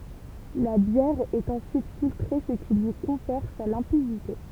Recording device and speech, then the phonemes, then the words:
temple vibration pickup, read sentence
la bjɛʁ ɛt ɑ̃syit filtʁe sə ki lyi kɔ̃fɛʁ sa lɛ̃pidite
La bière est ensuite filtrée ce qui lui confère sa limpidité.

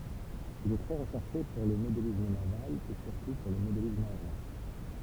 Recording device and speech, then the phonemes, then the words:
temple vibration pickup, read sentence
il ɛ tʁɛ ʁəʃɛʁʃe puʁ lə modelism naval e syʁtu puʁ lə modelism aeʁjɛ̃
Il est très recherché pour le modélisme naval et surtout pour le modélisme aérien.

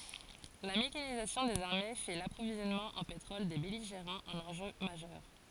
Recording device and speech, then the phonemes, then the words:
forehead accelerometer, read sentence
la mekanizasjɔ̃ dez aʁme fɛ də lapʁovizjɔnmɑ̃ ɑ̃ petʁɔl de bɛliʒeʁɑ̃z œ̃n ɑ̃ʒø maʒœʁ
La mécanisation des armées fait de l’approvisionnement en pétrole des belligérants un enjeu majeur.

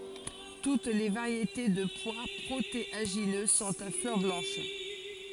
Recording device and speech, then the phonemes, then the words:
forehead accelerometer, read sentence
tut le vaʁjete də pwa pʁoteaʒinø sɔ̃t a flœʁ blɑ̃ʃ
Toutes les variétés de pois protéagineux sont à fleurs blanches.

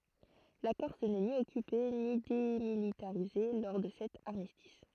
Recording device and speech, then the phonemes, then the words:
throat microphone, read sentence
la kɔʁs nɛ ni ɔkype ni demilitaʁize lɔʁ də sɛt aʁmistis
La Corse n'est ni occupée ni démilitarisée lors de cet armistice.

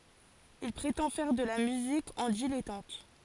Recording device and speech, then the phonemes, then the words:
forehead accelerometer, read sentence
il pʁetɑ̃ fɛʁ də la myzik ɑ̃ dilɛtɑ̃t
Il prétend faire de la musique en dilettante.

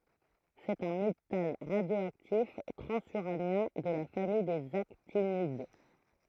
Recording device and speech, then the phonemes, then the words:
throat microphone, read sentence
sɛt œ̃ metal ʁadjoaktif tʁɑ̃zyʁanjɛ̃ də la famij dez aktinid
C'est un métal radioactif transuranien de la famille des actinides.

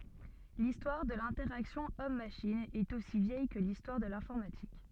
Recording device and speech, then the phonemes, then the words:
soft in-ear microphone, read sentence
listwaʁ də lɛ̃tɛʁaksjɔ̃ ɔmmaʃin ɛt osi vjɛj kə listwaʁ də lɛ̃fɔʁmatik
L'histoire de l'interaction Homme-machine est aussi vieille que l'histoire de l'informatique.

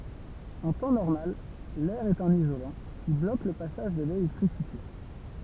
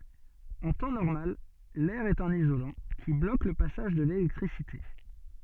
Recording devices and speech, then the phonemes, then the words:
temple vibration pickup, soft in-ear microphone, read sentence
ɑ̃ tɑ̃ nɔʁmal lɛʁ ɛt œ̃n izolɑ̃ ki blok lə pasaʒ də lelɛktʁisite
En temps normal l'air est un isolant, qui bloque le passage de l'électricité.

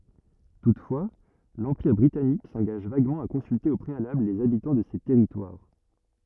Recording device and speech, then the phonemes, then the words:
rigid in-ear microphone, read sentence
tutfwa lɑ̃piʁ bʁitanik sɑ̃ɡaʒ vaɡmɑ̃ a kɔ̃sylte o pʁealabl lez abitɑ̃ də se tɛʁitwaʁ
Toutefois, l'Empire britannique s'engage vaguement à consulter au préalable les habitants de ces territoires.

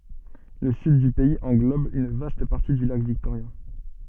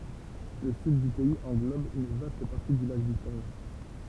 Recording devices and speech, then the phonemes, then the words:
soft in-ear microphone, temple vibration pickup, read sentence
lə syd dy pɛiz ɑ̃ɡlɔb yn vast paʁti dy lak viktoʁja
Le Sud du pays englobe une vaste partie du lac Victoria.

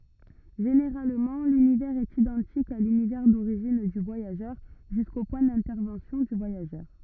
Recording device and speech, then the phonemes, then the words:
rigid in-ear microphone, read sentence
ʒeneʁalmɑ̃ lynivɛʁz ɛt idɑ̃tik a lynivɛʁ doʁiʒin dy vwajaʒœʁ ʒysko pwɛ̃ dɛ̃tɛʁvɑ̃sjɔ̃ dy vwajaʒœʁ
Généralement, l'univers est identique à l'univers d'origine du voyageur, jusqu'au point d'intervention du voyageur.

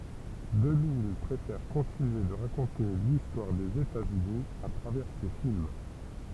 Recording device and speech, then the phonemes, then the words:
temple vibration pickup, read sentence
dəmij pʁefɛʁ kɔ̃tinye də ʁakɔ̃te listwaʁ dez etaz yni a tʁavɛʁ se film
DeMille préfère continuer de raconter l'histoire des États-Unis à travers ses films.

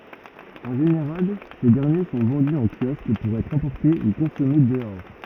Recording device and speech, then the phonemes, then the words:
rigid in-ear microphone, read sentence
ɑ̃ ʒeneʁal se dɛʁnje sɔ̃ vɑ̃dy ɑ̃ kjɔsk puʁ ɛtʁ ɑ̃pɔʁte u kɔ̃sɔme dəɔʁ
En général, ces derniers sont vendus en kiosque pour être emportés ou consommés dehors.

